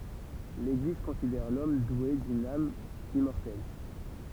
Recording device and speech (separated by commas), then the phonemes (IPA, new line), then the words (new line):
temple vibration pickup, read sentence
leɡliz kɔ̃sidɛʁ lɔm dwe dyn am immɔʁtɛl
L'Église considère l'homme doué d'une âme immortelle.